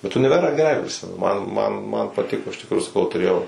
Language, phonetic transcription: Lithuanian, bet uniˈverą geˈrai priˈsimenu ˈman ˈman man paˈtiko iš tikˈrųju saˈkau tuˈrėjau

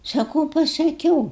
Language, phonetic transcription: Lithuanian, saˈkūu pasaˈkiūu

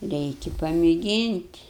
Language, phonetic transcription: Lithuanian, ˈreiki pamėˈgynt'

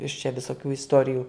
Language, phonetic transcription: Lithuanian, iš čia visoˈkių isˈtorijų

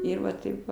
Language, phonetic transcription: Lithuanian, ˈir va ˈtaip va

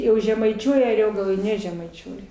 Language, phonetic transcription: Lithuanian, ˈjau žemaiˈčiuoja aˈriogaloj ˈnežemaičiuoja

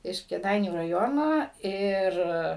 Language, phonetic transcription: Lithuanian, iš kėˈdainių raˈjono ˈir

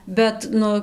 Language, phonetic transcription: Lithuanian, ˈbet ˈnu

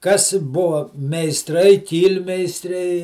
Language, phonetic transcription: Lithuanian, kas ˈbuva meisˈtrai ˈkyl'meistriai

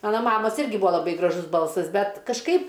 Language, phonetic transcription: Lithuanian, ˈmana ˈmamas ˈirgi ˈbūa laˈbai graˈžus ˈbalsas ˈbet kažˈkaip

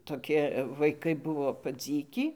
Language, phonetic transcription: Lithuanian, toˈki vaiˈkai ˈbuvo paˈdzykį

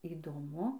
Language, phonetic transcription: Lithuanian, įdoˈmu

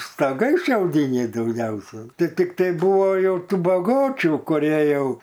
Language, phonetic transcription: Lithuanian, stoˈgai šiauˈdyniai dauˈgiausia ti ˈtiktai ˈbuvo ˈjau ˈtų baˈgočių kuˈrie ˈjau

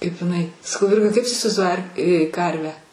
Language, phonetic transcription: Lithuanian, kaip iˈnai saˈkau ˈvirga kaip tu isivaizˈduoji ar ˈkarvę

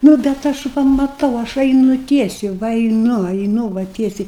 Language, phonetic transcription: Lithuanian, ˈnu bet ˈaš ˈva maˈtau ˈaš ˈainu ˈtiesiai ˈva aiˈnu aiˈnu va ˈtiesiai

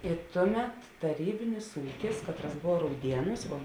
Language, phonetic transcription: Lithuanian, i ˈtuˌmet taˈrybinis ˈūkis ˈkatˌras ˈbov ˈraudieˌnūs vo

